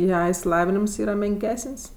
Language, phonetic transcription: Lithuanian, ˈja išsiˈlavinims ˈyra menˈkesinˈsˈ

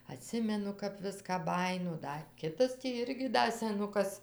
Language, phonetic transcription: Lithuanian, aˈtsimenu kap ˈviską ˈbajino ˈda ˈkitas ˈirgi ˈda seˈnukas

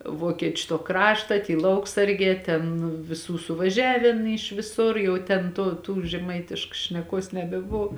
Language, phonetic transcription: Lithuanian, ˈvokieč' to ˈkrašta ˈty ˈlauksargē ˈten viˈsų suvaˈžiavėn yš viˈsur ˈjau ten ˈto tų žeˈmaitiškas šneˈkuos nebeˈbov

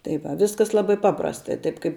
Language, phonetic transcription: Lithuanian, tai ˈva ˈviskas ˈlabai ˈpaprastai ˈtaip ˈkaip

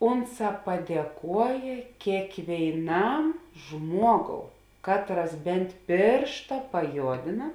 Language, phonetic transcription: Lithuanian, ˈunˌsā padieˈkuojė kėkvėiˈnam ˈžmuoˌgou ˈkatˌras ˈbent ˈpėršta paˈjodėna

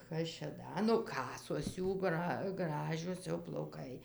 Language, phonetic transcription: Lithuanian, ˈkas čia ˈda nu ˈkasos ˈjų ˈgra ˈgražios jau plauˈkai

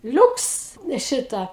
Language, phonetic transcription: Lithuanian, ˈliūks ˈšitą

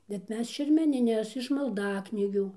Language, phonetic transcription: Lithuanian, bet ˈmes šermeniˈnes iš malˈdaknygių

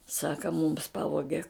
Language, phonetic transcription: Lithuanian, ˈsaka mums ˈpavoge

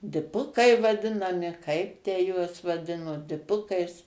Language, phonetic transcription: Lithuanian, diˈpukai vaˈdinami kaip tę juos vaˈdino diˈpukais

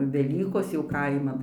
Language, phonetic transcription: Lithuanian, veˈlykos jau ˈkaiman

